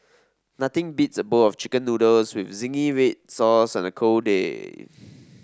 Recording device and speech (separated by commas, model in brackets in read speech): standing microphone (AKG C214), read sentence